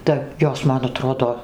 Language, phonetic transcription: Lithuanian, ta ˈjos ˈman aˈtrodo

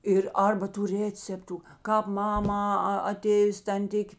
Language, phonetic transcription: Lithuanian, ˈir ˈarba tų ˈrėceptu kāp ˈmamą a aˈtėjus tanˈtikė

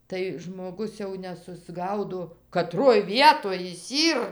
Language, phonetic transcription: Lithuanian, tai žmoˈgus jau nesusˈgaudo kaˈtroj ˈvietoj jis ˈyr

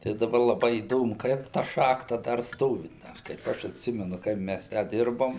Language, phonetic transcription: Lithuanian, tai daˈba laˈbai įˈdomu ˈkaip ta ˈšachta dar ˈstovi ˈda kaip ˈaš atˈsimenu ˈkaip mæs tę ˈdirbom

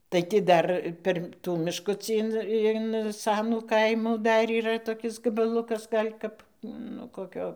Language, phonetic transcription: Lithuanian, tai ti ˈdar ˈper ˈtų mišˈkucį in in ˈsanų ˈkaimų ˈdar yˈra toˈkis gabaˈlukas ˈgal' kap ˈnu koˈkio

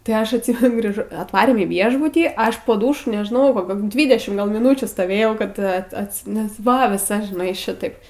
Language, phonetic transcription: Lithuanian, tai ˈaš atˈsymenu grįˈžo atˈvarėm į ˈviešbutį ˈaš po ˈdūšu nežˈnau koˈkio ˈdvydešim miˈnūčių stoˈvėjau kad ˈat ˈatsi nes ˈva viˈsa žiˈnai ˈšitaip

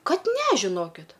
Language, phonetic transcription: Lithuanian, ˈkad ˈne žiˈnokit

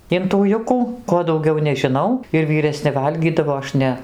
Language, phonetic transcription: Lithuanian, in tų ˈjukų ˈko dauˈgiau nežiˈnau ir vyreˈsni ˈvalgydavo ˈaš ˈne

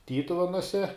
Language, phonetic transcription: Lithuanian, ˈtytuvenuose

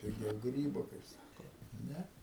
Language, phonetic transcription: Lithuanian, piˈgiau ˈgrybo kaip ˈsako ˈne

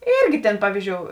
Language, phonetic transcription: Lithuanian, ˈyrgi tėn ˈpavyzˌdžiou

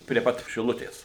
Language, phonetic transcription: Lithuanian, prie ˈpat šiˈlutės

